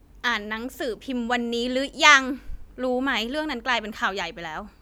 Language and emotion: Thai, frustrated